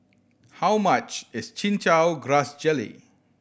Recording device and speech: boundary microphone (BM630), read sentence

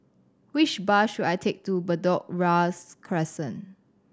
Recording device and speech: standing microphone (AKG C214), read sentence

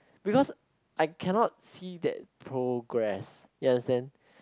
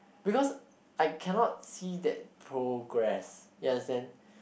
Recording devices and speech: close-talking microphone, boundary microphone, conversation in the same room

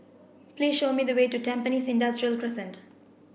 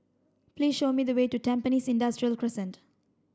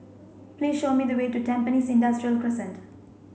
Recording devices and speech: boundary microphone (BM630), standing microphone (AKG C214), mobile phone (Samsung C5), read sentence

